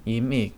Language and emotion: Thai, frustrated